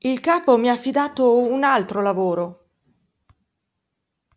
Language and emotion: Italian, fearful